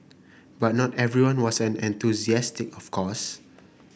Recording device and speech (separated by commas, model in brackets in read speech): boundary microphone (BM630), read sentence